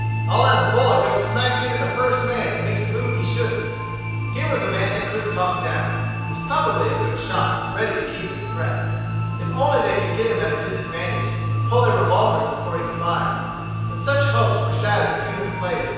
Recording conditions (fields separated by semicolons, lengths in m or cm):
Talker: one person; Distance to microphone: 7.1 m; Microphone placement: far; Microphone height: 1.7 m; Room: very reverberant, large; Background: music